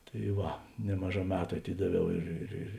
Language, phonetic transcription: Lithuanian, tai ˈva ˈnemaˌžā ˈmetu aˈtidaˌviau ˈir ir ir

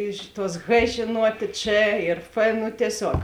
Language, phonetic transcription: Lithuanian, ˈiš ˌtuos h žėˈnuotė č ir f ˈnu tieˈsiog

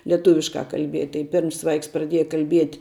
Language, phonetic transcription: Lithuanian, lieˈtuviškā kalˈbiet' tai ˈpirms ˈvaiks praˈdieja kalˈbiet'

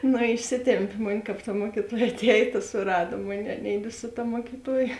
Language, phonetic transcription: Lithuanian, ˈnu išˈsitempi mon' ˈkap ta ˈmuokitoja aˈteja ta suˈrado ˈmonei aˈneidi su ˈta muokiˈtuoja

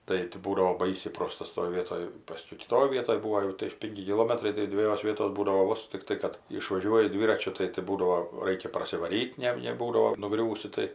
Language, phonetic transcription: Lithuanian, ˈtai ti ˈbūdavo ˈbaisiai ˈprostas toj ˈvietoj ˈpaskiau kiˈtoj ˈvietoj ˈbūo jau tai ˈpinki kiˈlomatrai tai dveˈjos ˈvietos ˈbūdavo ˈvos tikˈtai kad išvaˈžiuoji ˈdvyračiu ˈtai tai ˈbūdavo ˈraikia parsivaˈryt' ˈne ne ˈbūdavo nuˈgriūsi tai

